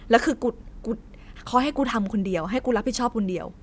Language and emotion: Thai, frustrated